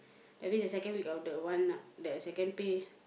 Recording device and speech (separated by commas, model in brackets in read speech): boundary microphone, conversation in the same room